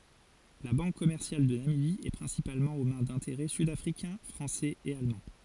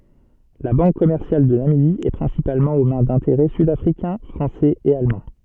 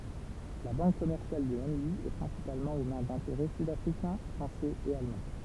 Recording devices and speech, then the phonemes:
forehead accelerometer, soft in-ear microphone, temple vibration pickup, read sentence
la bɑ̃k kɔmɛʁsjal də namibi ɛ pʁɛ̃sipalmɑ̃ o mɛ̃ dɛ̃teʁɛ sydafʁikɛ̃ fʁɑ̃sɛz e almɑ̃

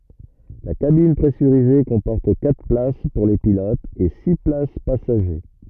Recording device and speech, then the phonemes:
rigid in-ear microphone, read sentence
la kabin pʁɛsyʁize kɔ̃pɔʁt katʁ plas puʁ le pilotz e si plas pasaʒe

